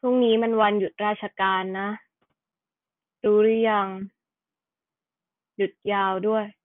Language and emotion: Thai, sad